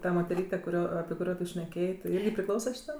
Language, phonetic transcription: Lithuanian, ta moteˈryte kuˈrio api kuˈrio tu šneˈkėjė ti ˈirgi priˈklausa šiˈtam

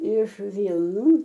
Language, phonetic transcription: Lithuanian, iš ˈvylnų

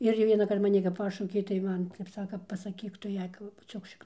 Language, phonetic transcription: Lithuanian, ˈir jau vienaˈkart maˈni kap ˈpašaukė tai ˈman ˈtep ˈsaka paˈsakyk ˈtu ˈjai ˈku pabuˈčiuok šikˈnon

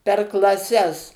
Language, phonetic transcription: Lithuanian, per klaˈses

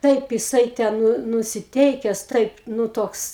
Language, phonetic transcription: Lithuanian, ˈtaip jiˈsai ten ˈnu nusiˈteikes ˈtaip ˈnū ˈtoks

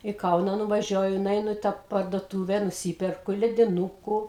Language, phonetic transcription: Lithuanian, į ˈkauną nuvaˈžiuoju nuˈeinu i tą parduotūve nuˈsyperku lediˈnūku

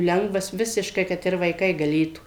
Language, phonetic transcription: Lithuanian, ˈlengvas ˈvisiškai ˈkad ir vaiˈkai gaˈlėtų

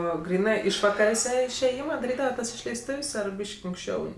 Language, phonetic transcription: Lithuanian, ˈo ˈgrynɜ ˈišvakarėse išėˈjima daˈrydava ˈtas išleisˈtuv's' ˈar ˈbyški anksˈčiau

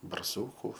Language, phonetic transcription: Lithuanian, barˈsūku

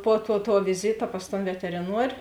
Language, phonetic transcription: Lithuanian, puo tuo tuo viˈzyta pas ton veteriˈnuor'

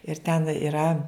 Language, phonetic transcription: Lithuanian, ir ten iˈra

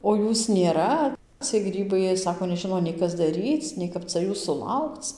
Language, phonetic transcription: Lithuanian, o ˈjūs nėˈra ciej ˈgrybai ˈjie ˈsako neˈžino nei ˈkas daˈryc nei ˈkap ca ˈjūs suˈlaukc

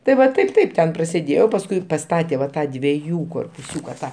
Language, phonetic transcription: Lithuanian, tai ˈva ˈtaip ˈtaip ˈten prasėˈdėjau pasˈkui paˈstate va ˈtą dvieˈjų korpuˈsiūka ˈtą

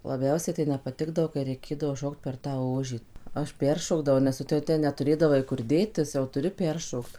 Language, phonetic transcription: Lithuanian, laˈbiausiai tai nepaˈtikdavo kai reiˈkėdavo ˈšokt per tą ˈožį ˈaš ˈperšokdavau nes ˈtu jau ˈten netuˈrėdavai kur ˈdėtis jau ˈturi ˈperšokt

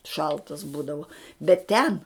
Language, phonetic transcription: Lithuanian, ˈšaltas ˈbūdava bet ˈten

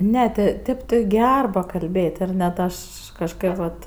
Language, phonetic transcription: Lithuanian, ˈne ti ˈtėp ti ˈger pakalbėtˈ ir net ˈaš kažˈkad vat

